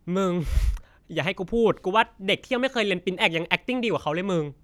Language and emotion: Thai, frustrated